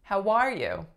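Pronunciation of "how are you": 'How are you' is said in syllables like 'ha war you', and the stress falls on the second syllable, 'war'.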